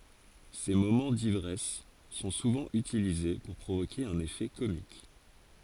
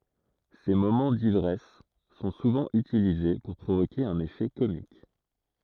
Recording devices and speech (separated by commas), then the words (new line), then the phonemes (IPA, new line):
forehead accelerometer, throat microphone, read sentence
Ses moments d'ivresse sont souvent utilisés pour provoquer un effet comique.
se momɑ̃ divʁɛs sɔ̃ suvɑ̃ ytilize puʁ pʁovoke œ̃n efɛ komik